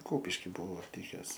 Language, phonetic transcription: Lithuanian, ˈkupiški ˈbuo ˈlikes

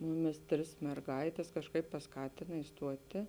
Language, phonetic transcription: Lithuanian, ˈmuˌmis ˈtris merˈgaites kažˈkaip pasˈkatina isˈtuoti

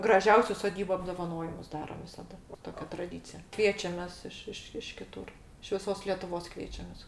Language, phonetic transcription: Lithuanian, graˈžiausiu soˈdybu apdovaˈnojimus ˈdarom visaˈda ˈtokia traˈdycija ˈkviečiamės ˈiš ˈiš iš kiˈtur iš viˈsos letuˈvos ˈkviečiamės

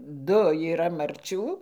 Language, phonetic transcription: Lithuanian, ˈdu yˈra marˈčių

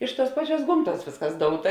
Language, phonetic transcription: Lithuanian, ˈiš ˌtuos ˈpaˌčiuos ˈgomˌtuos ˈvėsˌkas ˈdouta

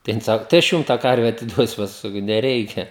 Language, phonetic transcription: Lithuanian, tai ˈjin ˈsaku tai aš ˈjum tą ˈkarve atiˈduosiu ˈpasku saˈkau neˈreikia

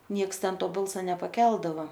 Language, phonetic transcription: Lithuanian, ˈnieks ˈten ˈto ˈbalsa nepaˈkeldava

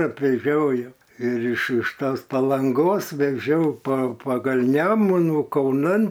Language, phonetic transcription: Lithuanian, apveˈžiojo ir iš iš ˈtos palanˈgos veˈžiau pa paˈgal' ˈnemunų kauˈnan

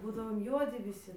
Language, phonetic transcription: Lithuanian, ˈbūdavom ˈjuodi viˈsi

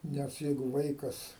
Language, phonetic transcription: Lithuanian, ˈnes ˈjeigu ˈvaikas

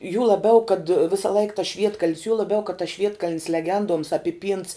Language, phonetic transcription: Lithuanian, jū laˈbiau kad ˈvisa laik tas ˈšvietkaln's juo laˈbiau kad tas ˈšvietkaln's leˈgenduoms apiˈpynts

